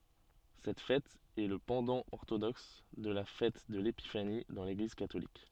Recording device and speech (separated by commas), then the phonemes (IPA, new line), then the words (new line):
soft in-ear microphone, read sentence
sɛt fɛt ɛ lə pɑ̃dɑ̃ ɔʁtodɔks də la fɛt də lepifani dɑ̃ leɡliz katolik
Cette fête est le pendant orthodoxe de la fête de l'Épiphanie dans l'Église catholique.